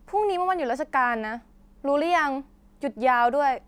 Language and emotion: Thai, frustrated